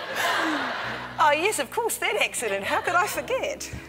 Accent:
Australian accent